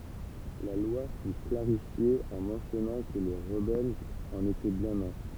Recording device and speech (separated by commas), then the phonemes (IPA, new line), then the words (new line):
temple vibration pickup, read sentence
la lwa fy klaʁifje ɑ̃ mɑ̃sjɔnɑ̃ kə le ʁəbɛlz ɑ̃n etɛ bjɛ̃n œ̃
La loi fut clarifiée en mentionnant que les rebelles en étaient bien un.